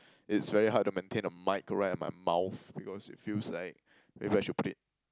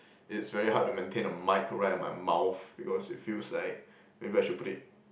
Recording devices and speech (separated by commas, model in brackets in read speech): close-talking microphone, boundary microphone, conversation in the same room